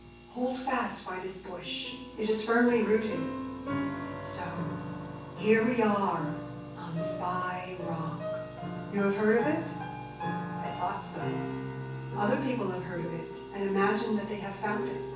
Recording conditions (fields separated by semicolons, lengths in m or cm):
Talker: one person; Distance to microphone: 9.8 m; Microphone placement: far; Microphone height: 1.8 m; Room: large; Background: music